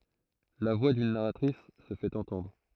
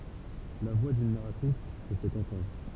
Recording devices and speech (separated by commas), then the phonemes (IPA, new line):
throat microphone, temple vibration pickup, read sentence
la vwa dyn naʁatʁis sə fɛt ɑ̃tɑ̃dʁ